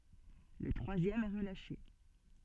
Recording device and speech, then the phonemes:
soft in-ear microphone, read sentence
lə tʁwazjɛm ɛ ʁəlaʃe

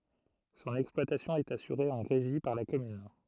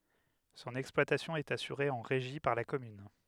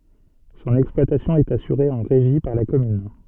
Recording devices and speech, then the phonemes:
throat microphone, headset microphone, soft in-ear microphone, read sentence
sɔ̃n ɛksplwatasjɔ̃ ɛt asyʁe ɑ̃ ʁeʒi paʁ la kɔmyn

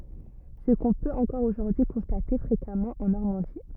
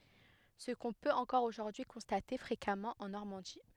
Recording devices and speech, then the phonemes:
rigid in-ear microphone, headset microphone, read sentence
sə kɔ̃ pøt ɑ̃kɔʁ oʒuʁdyi kɔ̃state fʁekamɑ̃ ɑ̃ nɔʁmɑ̃di

